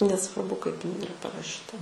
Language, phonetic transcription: Lithuanian, nesvarˈbu kaip iˈnai iˈra paraˈšyta

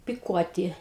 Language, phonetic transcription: Lithuanian, piˈkuoti

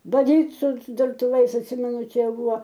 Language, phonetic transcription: Lithuanian, baˈdyt su durtuˈvais atˈsimenu ˈčia ˈbuvo

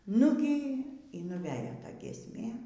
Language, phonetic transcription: Lithuanian, ˈnugy y nuˈvejo ˈta giesˈmė

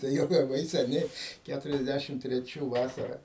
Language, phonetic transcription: Lithuanian, ˈtai jau laˈbai seˈniai ˈkæturiasˌdæšim treˈčių ˈvasara

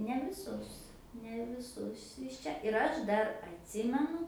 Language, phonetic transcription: Lithuanian, ne viˈsus ne viˈsus iš ˈčia ir ˈaš ˈdar atˈsimenu

